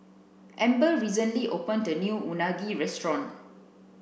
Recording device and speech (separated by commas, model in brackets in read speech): boundary microphone (BM630), read sentence